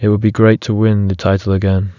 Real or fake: real